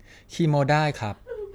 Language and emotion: Thai, neutral